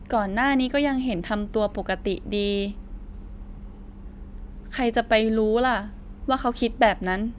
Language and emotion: Thai, neutral